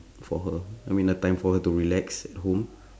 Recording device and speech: standing microphone, conversation in separate rooms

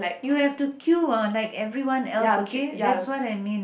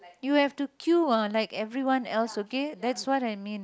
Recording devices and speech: boundary microphone, close-talking microphone, conversation in the same room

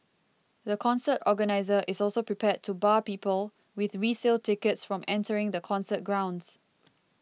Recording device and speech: mobile phone (iPhone 6), read sentence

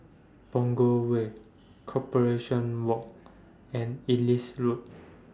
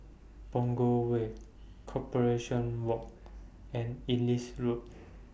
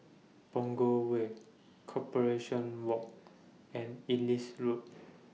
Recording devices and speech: standing microphone (AKG C214), boundary microphone (BM630), mobile phone (iPhone 6), read sentence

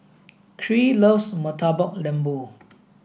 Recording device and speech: boundary microphone (BM630), read sentence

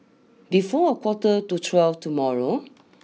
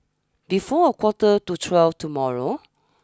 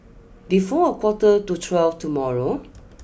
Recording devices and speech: mobile phone (iPhone 6), standing microphone (AKG C214), boundary microphone (BM630), read sentence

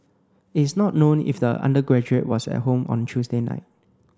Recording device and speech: close-talking microphone (WH30), read sentence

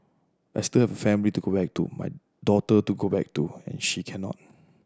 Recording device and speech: standing microphone (AKG C214), read sentence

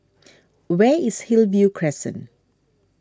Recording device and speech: standing microphone (AKG C214), read sentence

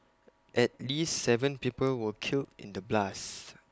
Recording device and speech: close-talking microphone (WH20), read sentence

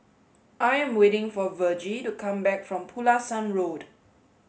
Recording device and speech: mobile phone (Samsung S8), read sentence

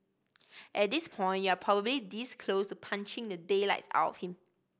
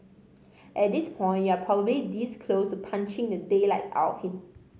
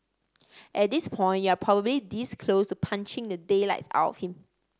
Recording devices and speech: boundary microphone (BM630), mobile phone (Samsung C5010), standing microphone (AKG C214), read sentence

